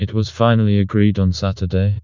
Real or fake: fake